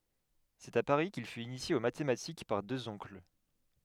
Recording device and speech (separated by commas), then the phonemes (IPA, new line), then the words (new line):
headset microphone, read sentence
sɛt a paʁi kil fyt inisje o matematik paʁ døz ɔ̃kl
C’est à Paris qu’il fut initié aux mathématiques par deux oncles.